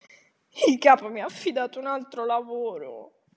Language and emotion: Italian, sad